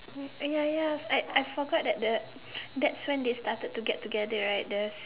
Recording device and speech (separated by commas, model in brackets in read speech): telephone, conversation in separate rooms